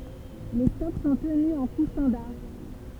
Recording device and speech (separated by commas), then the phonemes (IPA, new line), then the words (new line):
temple vibration pickup, read sentence
le stɔk sɔ̃ təny ɑ̃ ku stɑ̃daʁ
Les stocks sont tenus en coûts standards.